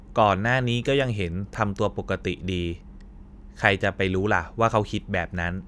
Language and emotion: Thai, neutral